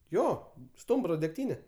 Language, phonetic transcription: Lithuanian, ˈjo ˈstumbro degˈtyne

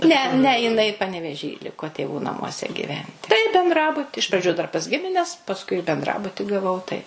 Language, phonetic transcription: Lithuanian, ˈne ˈne jiˈnai paneveˈžy ˈliko tėˈvų namuoˈse gyˈventi tai benˈdrabuti iš praˈdžiu dar pas ˈgimines pasˈkui benˈdrabuti gaˈvau tai

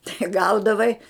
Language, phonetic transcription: Lithuanian, tai ˈgaudavai

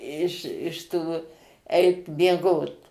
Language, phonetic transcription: Lithuanian, iš iš ˈtų ˈeit mieˈgot

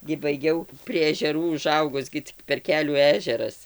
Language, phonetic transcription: Lithuanian, gi baiˈgiau prie ežeˈrų uˈžaugus gi ˈcik per ˈkelių ˈežeras

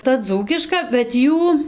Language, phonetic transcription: Lithuanian, ta ˈdzūkiška bet ˈjų

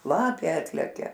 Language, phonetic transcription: Lithuanian, ˈlapė ˈatlekia

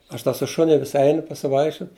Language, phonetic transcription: Lithuanian, ˈaš te su ˈšuni vis ˈeinu pasiˈvaikščiut

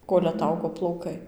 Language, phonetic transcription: Lithuanian, ˈkol' aˈtaugo plauˈkai

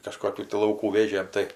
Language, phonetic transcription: Lithuanian, kaˈžkokių ti lauˈkų ˈvėžėm ˈtai

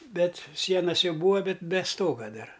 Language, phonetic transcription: Lithuanian, ˈbet ˈsienas ˈjau ˈbūva ˈbet be ˈstoga ˈdar

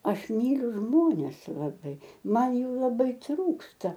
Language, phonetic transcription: Lithuanian, ˈaš ˈmyliu ˈžmones laˈbai ˈman ˈjų laˈbai ˈtrūksta

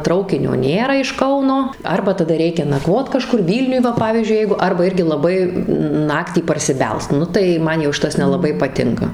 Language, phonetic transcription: Lithuanian, ˈtraukinio ˈnėra iš ˈkauno ˈarba taˈda ˈreikia naˈkvot kaˈžkur ˈvylniuj ˈva ˈpavyzdžiui ˈjeigu ˈarba ˈirgi laˈbai ˈnaktį parsiˈbelst ˈnu tai ˈman jau ˈšitas nelaˈbai paˈtinka

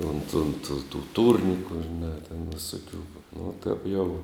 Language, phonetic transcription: Lithuanian, unt unt tu tų ˈtūrniku žiˈnā ten viˈsokiu nu tap jau

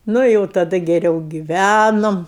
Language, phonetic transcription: Lithuanian, nu i ˈjau taˈda geˈriau giˈvænom

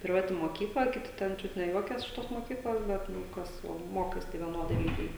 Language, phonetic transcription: Lithuanian, priˈvati moˈkykla kiˈti ˈten ˈčiut ne ˈjuokias iš ˈtos moˈkyklos ˈbet ˈnu ˈkas o ˈmokais tai vieˈnodai ˈlygiai

